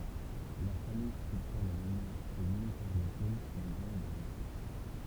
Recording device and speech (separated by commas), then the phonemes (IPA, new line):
temple vibration pickup, read sentence
la famij stʁyktyʁ la memwaʁ kɔmyn paʁ le ʁol dez œ̃z e dez otʁ